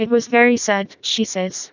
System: TTS, vocoder